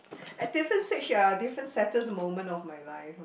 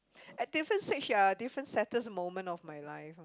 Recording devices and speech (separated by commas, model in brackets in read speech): boundary microphone, close-talking microphone, conversation in the same room